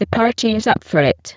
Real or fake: fake